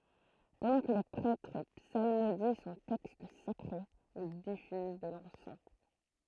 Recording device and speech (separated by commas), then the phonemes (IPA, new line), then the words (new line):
throat microphone, read sentence
pɑ̃dɑ̃ kə lə pʁɛtʁ psalmodi sɔ̃ tɛkst sakʁe il difyz də lɑ̃sɑ̃
Pendant que le prêtre psalmodie son texte sacré, il diffuse de l'encens.